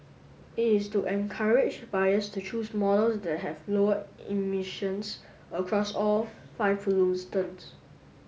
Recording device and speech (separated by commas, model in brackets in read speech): mobile phone (Samsung S8), read sentence